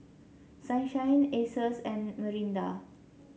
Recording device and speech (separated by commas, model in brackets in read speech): mobile phone (Samsung C7), read sentence